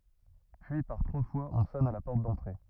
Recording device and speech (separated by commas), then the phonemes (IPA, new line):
rigid in-ear microphone, read sentence
pyi paʁ tʁwa fwaz ɔ̃ sɔn a la pɔʁt dɑ̃tʁe